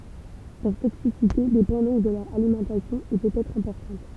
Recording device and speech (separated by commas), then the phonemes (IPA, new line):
temple vibration pickup, read sentence
lœʁ toksisite depɑ̃ dɔ̃k də lœʁ alimɑ̃tasjɔ̃ e pøt ɛtʁ ɛ̃pɔʁtɑ̃t